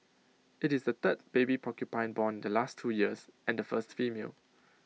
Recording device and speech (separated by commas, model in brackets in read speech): mobile phone (iPhone 6), read sentence